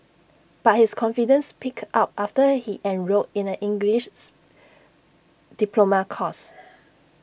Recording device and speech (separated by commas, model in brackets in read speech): boundary microphone (BM630), read sentence